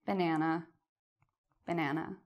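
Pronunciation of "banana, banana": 'Banana' is said with a sad tone, and the intonation falls.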